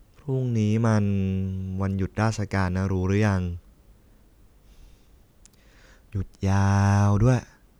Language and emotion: Thai, neutral